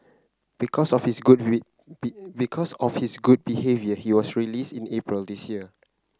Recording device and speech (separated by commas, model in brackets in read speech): close-talking microphone (WH30), read sentence